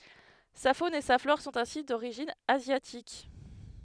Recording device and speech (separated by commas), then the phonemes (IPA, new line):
headset microphone, read sentence
sa fon e sa flɔʁ sɔ̃t ɛ̃si doʁiʒin azjatik